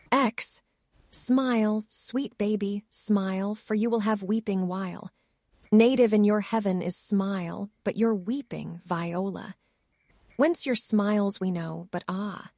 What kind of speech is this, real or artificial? artificial